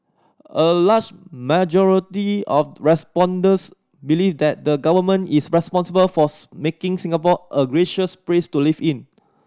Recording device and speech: standing microphone (AKG C214), read sentence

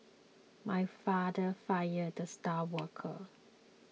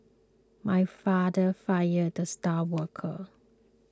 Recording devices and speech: mobile phone (iPhone 6), close-talking microphone (WH20), read sentence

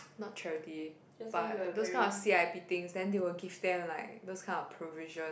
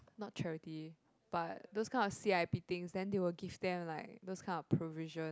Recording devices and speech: boundary microphone, close-talking microphone, conversation in the same room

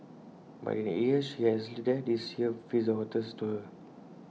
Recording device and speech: mobile phone (iPhone 6), read sentence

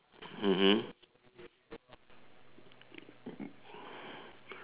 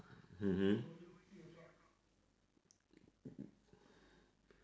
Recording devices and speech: telephone, standing microphone, conversation in separate rooms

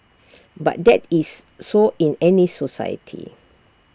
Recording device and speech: standing microphone (AKG C214), read sentence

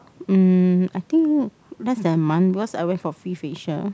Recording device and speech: close-talking microphone, conversation in the same room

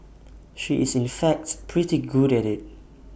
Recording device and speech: boundary microphone (BM630), read sentence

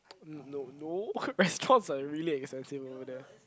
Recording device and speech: close-talking microphone, conversation in the same room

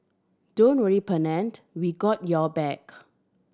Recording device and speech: standing microphone (AKG C214), read sentence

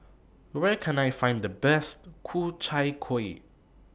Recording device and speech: boundary microphone (BM630), read sentence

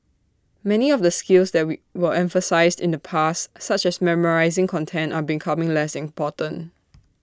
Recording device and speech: standing microphone (AKG C214), read sentence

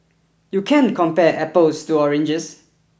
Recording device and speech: boundary microphone (BM630), read sentence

